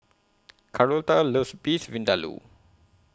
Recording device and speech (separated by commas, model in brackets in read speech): close-talking microphone (WH20), read sentence